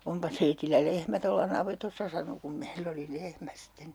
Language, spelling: Finnish, onpa teillä lehmä tuolla navetassa sanoi kun meillä oli lehmä sitten
- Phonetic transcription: » 'ompa teitillä 'lehmä tolla "navetossa » sano kum 'meill ‿oli "lehmä sitten .

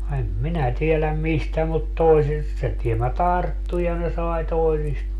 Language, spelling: Finnish, en minä tiedä mistä mutta toisista se tiemmä tarttui ja ne sai toisista
- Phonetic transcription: em "minä 'tieläm "mistä mut 'toisist se tiemmä "tarttu ja ne 'sai 'toisista ,.

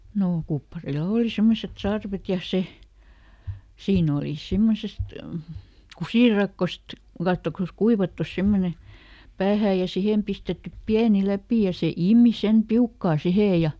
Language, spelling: Finnish, no kupparilla oli semmoiset sarvet ja se siinä oli semmoisesta kusirakosta katsokaas kuivattu semmoinen päähään ja siihen pistetty pieni läpi ja se imi sen piukkaan siihen ja
- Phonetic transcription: ˈnoo , ˈkupparilᵃ "òli ˈsemmoset ˈsarvet ja "se , ˈsiin ‿olì ˈsimmosest , "kusìrakkost , ˈkattokas ˈkuivattus ˈsemmone , "päähää ja ˈsihem pistettyp ˈpiäni "läpì ja ˈse "ìmi sem ˈpiukkaa ˈsihè ja ,.

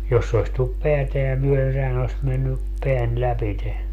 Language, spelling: Finnish, jos se olisi tullut päätään myöden sehän olisi mennyt pään lävitse
- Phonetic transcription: 'jos se oⁱs tullup "peäteä myö₍en 'sehän ‿oⁱs menny , 'peän "läpite .

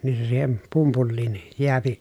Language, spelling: Finnish, niin se siihen pumpuliin jää
- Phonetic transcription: nin se siihen , pumpulliin , jeäpi .

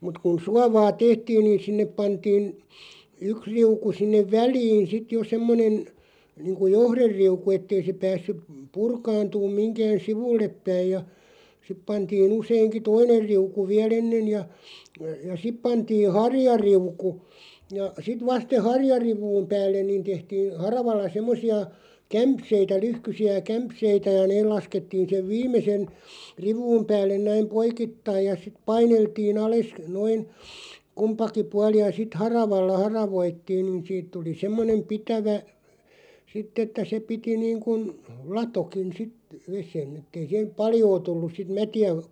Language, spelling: Finnish, mutta kun suovaa tehtiin niin sinne pantiin yksi riuku sinne väliin sitten jo semmoinen niin kuin johderiuku että ei se päässyt - purkaantunut mihinkään sivullepäin ja sitten pantiin useinkin toinen riuku vielä ennen ja ja sitten pantiin harjariuku ja sitten vasta sen harjariu'un päälle niin tehtiin haravalla semmoisia kämseitä lyhkäisiä kämseitä ja ne laskettiin sen viimeisen riu'un päälle näin poikittain ja sitten paineltiin alas noin kumpikin puoli ja sitten haravalla haravoitiin niin siitä tuli semmoinen pitävä sitten että se piti niin kuin latokin sitten veden että ei siihen paljoa tullut sitten mätiä
- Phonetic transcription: mut kun "suavaa 'tehtiin niin 'sinnep 'pantiin , "yks 'riuku 'sinnev "väliin 'sit jo 'semmonen , niiŋku "johrerriuku 'ettei se 'päässyp , p- 'purkaantuum 'miŋkään̬ "sivulleppäij ja , 'sip pantii'n ‿useiŋki "toiner 'riuku 'viä"l ‿ennen̳§ ja , ja 'sip pantii "harjariuku , ja 'sit 'vast se "harjariv̆vuum 'päällen niin 'tehtiin̬ , 'haravalla 'semmosi₍a , "kämpseitä 'lyhkysi₍ä "kämpseitä ja 'neel laskettiin̬ sev "viim̆mesen , 'riv̆vuum päällen 'näim "poikittaij ja siᵗ 'paineltii"n ‿ales 'noin , "kumpaki 'puali ja sit "haravalla 'haravoittiin niin 'siit tuli 'semmonem 'pitävä , 'sitᵗ ‿että se 'piti niiŋkun , 'latokin 'sit ;, 'vesen et̆tei siiheᵐ "paljoo 'tulluˢ sit "mäti₍ä .

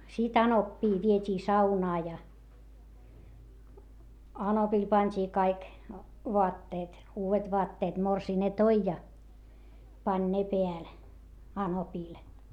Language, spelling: Finnish, sitten anoppia vietiin saunaan ja anopille pantiin kaikki vaatteet uudet vaatteet morsian ne toi ja pani ne päälle anopille
- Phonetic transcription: sit ‿anoppii viet́ii saunaa ja , anopil pant́ii kaik , voatteet , uuvet voatteet - morsii ne toi ja , pań ne peäl , anopìl .

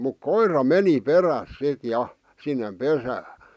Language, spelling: Finnish, mutta koira meni perässä sitten ja sinne pesään
- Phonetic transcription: muk "koira "meni "peräs 'sit 'ja , sinnem 'pesää .

